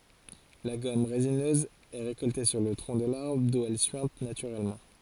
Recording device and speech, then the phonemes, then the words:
forehead accelerometer, read sentence
la ɡɔm ʁezinøz ɛ ʁekɔlte syʁ lə tʁɔ̃ də laʁbʁ du ɛl syɛ̃t natyʁɛlmɑ̃
La gomme résineuse est récoltée sur le tronc de l'arbre d'où elle suinte naturellement.

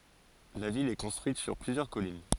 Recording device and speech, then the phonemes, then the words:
forehead accelerometer, read sentence
la vil ɛ kɔ̃stʁyit syʁ plyzjœʁ kɔlin
La ville est construite sur plusieurs collines.

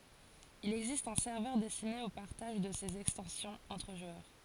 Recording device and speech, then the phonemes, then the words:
forehead accelerometer, read sentence
il ɛɡzist œ̃ sɛʁvœʁ dɛstine o paʁtaʒ də sez ɛkstɑ̃sjɔ̃z ɑ̃tʁ ʒwœʁ
Il existe un serveur destiné au partage de ces extensions entre joueurs.

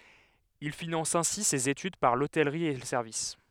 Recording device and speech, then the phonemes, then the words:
headset microphone, read sentence
il finɑ̃s ɛ̃si sez etyd paʁ lotɛlʁi e lə sɛʁvis
Il finance ainsi ses études, par l'hôtellerie et le service.

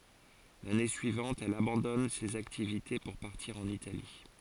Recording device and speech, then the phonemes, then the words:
forehead accelerometer, read sentence
lane syivɑ̃t ɛl abɑ̃dɔn sez aktivite puʁ paʁtiʁ ɑ̃n itali
L'année suivante, elle abandonne ces activités pour partir en Italie.

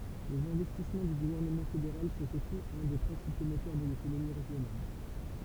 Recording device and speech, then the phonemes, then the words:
temple vibration pickup, read sentence
lez ɛ̃vɛstismɑ̃ dy ɡuvɛʁnəmɑ̃ fedeʁal sɔ̃t osi œ̃ de pʁɛ̃sipo motœʁ də lekonomi ʁeʒjonal
Les investissements du gouvernement fédéral sont aussi un des principaux moteurs de l'économie régionale.

